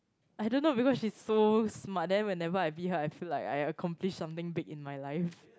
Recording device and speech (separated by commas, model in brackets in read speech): close-talking microphone, conversation in the same room